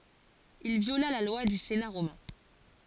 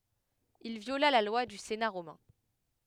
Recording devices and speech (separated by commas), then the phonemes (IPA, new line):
forehead accelerometer, headset microphone, read sentence
il vjola la lwa dy sena ʁomɛ̃